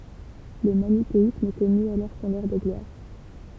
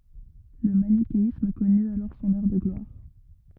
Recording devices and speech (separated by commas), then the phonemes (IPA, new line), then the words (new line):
temple vibration pickup, rigid in-ear microphone, read sentence
lə manikeism kɔny alɔʁ sɔ̃n œʁ də ɡlwaʁ
Le manichéisme connut alors son heure de gloire.